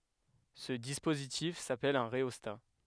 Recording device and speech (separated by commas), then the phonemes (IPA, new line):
headset microphone, read sentence
sə dispozitif sapɛl œ̃ ʁeɔsta